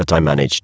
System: VC, spectral filtering